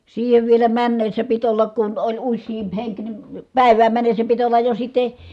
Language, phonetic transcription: Finnish, siihev vielä männessä pit ollak kun oĺ ussiimp heŋk ni , pä̀i̮vääm männessä pit ollaj jo sit̆te ,.
- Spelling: siihen vielä mennessä piti olla kun oli useampi henki niin päivään mennessä piti olla jo sitten

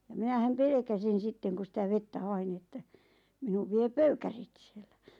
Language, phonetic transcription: Finnish, ja minähäm "pelᵉkäsin̬ 'sitteŋ ku sitä 'vettä "hain ⁿⁱ että , minuv 'vie "pöykärit sɪᴇʟʟᴀ̈ .
- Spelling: ja minähän pelkäsin sitten kun sitä vettä hain no että minut vie pöykärit siellä

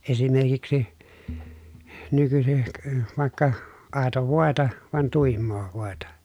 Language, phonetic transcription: Finnish, esimerkiksi , nykysik , vàekka , àeto vòeta , van tùimmoo vòeta .
- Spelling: esimerkiksi nykyisin vaikka aitoa voita vaan tuimaa voita

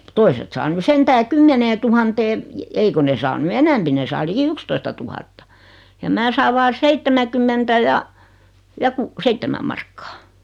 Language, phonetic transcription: Finnish, 'toiset saa 'ny "sentää 'kymmeneetuhantee , 'ei ko ne saa 'ny "enɛmpi 'ne saa 'liki "ykstoistatuhatta , ja 'mää saav 'vaa "seittemäkymmentä ja , ja 'ku- "seittemä markkᴀᴀ .
- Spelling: toiset saa nyt sentään kymmeneentuhanteen ei kun ne saa nyt enempi ne saa liki yksitoistatuhatta ja minä saan vain seitsemänkymmentä ja ja - seitsemän markkaa

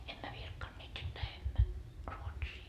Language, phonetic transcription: Finnish, emmä 'virkkanneet jot "lähemmä , 'Ruotsii .
- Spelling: emme virkkaneet jotta lähdemme Ruotsiin

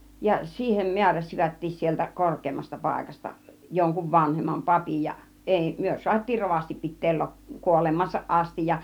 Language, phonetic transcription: Finnish, ja 'siihem "miäräsivättiis sieltä 'kork̆keemmasta 'pàikasta , joŋkuv 'vanhemmam 'papij ja , 'èi , "myö suat́̆tiir 'rovasti pit̆teel 'lop- 'kuolemaasaˀ 'ˀastij ja .
- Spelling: ja siihen määräsivätkin sieltä korkeammasta paikasta jonkun vanhemman papin ja ei me saatiin rovasti pitää - kuolemaansa asti ja

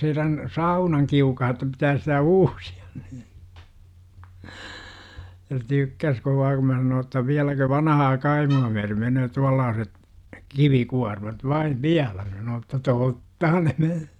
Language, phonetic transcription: Finnish, heirän , "saunaŋkiukaha ᵉttä pitääs sitä "uusIAN NII. « se "tykkäs 'kovaa kum mä sanoo ‿tta 'viäläkö » 'vanahaa "kaimu₍a myäre menöö 'tuallaaset , "ki - vikuarmat 'vaiv "viälä « sanoo että "tottahan » ne me- « .
- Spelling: heidän saunankiukaan että pitäisi sitä uusia niin. se tykkäsi kovaa kun minä sanoin jotta vieläkö vanhaa kaimoa myöten menee tuollaiset - kivikuormat vain vielä sanoo että tottahan ne -

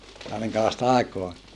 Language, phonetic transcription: Finnish, jaa miŋkälaista àikoa ?
- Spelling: jaa minkälaista aikaa

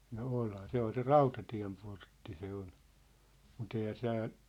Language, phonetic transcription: Finnish, no "olhaa 'se ‿ol 'se "Rautatiä̭mportti se ol , mu't ‿eihä 'tää(ʟ) ,.
- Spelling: no onhan se oli se Rautatienportti se oli mutta eihän täällä

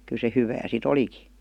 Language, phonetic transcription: Finnish, kyˡ se 'hyvää si"t ‿oliki .
- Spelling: kyllä se hyvää sitten olikin

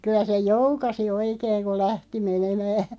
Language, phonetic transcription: Finnish, 'kyˡä se "joukasi 'oikeeŋ ko "lähti menemää .
- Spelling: kyllä se joukasi oikein kun lähti menemään

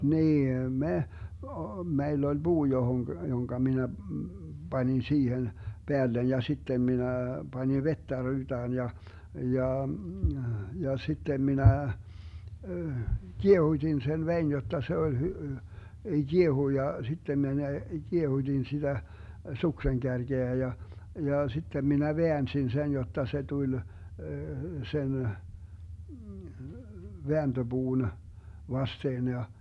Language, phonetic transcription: Finnish, 'nii em "me , o- , 'meill ‿oĺ "buu 'johoŋG- , joŋka 'minä , 'banin 'siihen , 'Beällen ja 'sittem minä , 'Bańiv 'vettä 'ryytään 'ja , 'ja , ja 'sittem 'minä , "kiehut́in 'sen 'vein 'jotta 'se oĺ hy- , 'Giehui ja 'sittem 'mene "kiehuDin 'siDä , 'sukseŋ'kärGeä ja , ja 'sittem 'minä "veänsin sen 'jotta se tuĺ , sen , 'veänDö'Buun , 'vasteen ja ,.
- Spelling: niin ei me - meillä oli puu - jonka minä panin siihen päälle ja sitten minä panin vettä ryytään ja ja ja sitten minä kiehutin sen veden jotta se oli - kiehui ja sitten minä kiehutin sitä suksenkärkeä ja ja sitten minä väänsin sen jotta se tuli sen vääntöpuun vasten ja

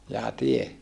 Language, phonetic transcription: Finnish, jaa tie ?
- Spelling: jaa tie

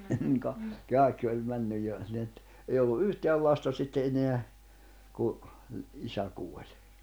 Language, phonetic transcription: Finnish, niŋ ka- , 'kàekki oĺ 'männyj jo , ni et , ei ollu "’yhteäl 'lasta sitte eneä , ku , 'isä 'kuoĺ .
- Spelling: niin - kaikki oli mennyt jo niin että ei ollut yhtään lasta sitten enää kun isä kuoli

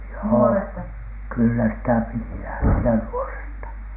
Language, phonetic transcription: Finnish, joo , kyllä sitä piti 'lähti₍ä "nuoresta .
- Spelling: joo kyllä sitä piti lähteä nuoresta

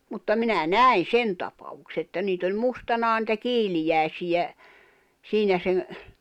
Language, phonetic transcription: Finnish, mutta 'minä "nä̀i̬n̬ "sen tapavukse että 'niit ‿oĺ 'mustanaa nⁱtä "kiilijä̀i̬sijä , 'siinä seŋ ,.
- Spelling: mutta minä näin sen tapauksen että niitä oli mustanaan niitä kiiliäisiä siinä sen

